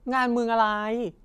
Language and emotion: Thai, frustrated